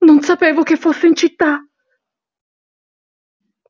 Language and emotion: Italian, fearful